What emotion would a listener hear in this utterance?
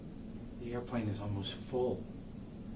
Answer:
fearful